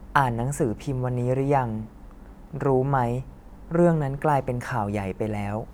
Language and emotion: Thai, neutral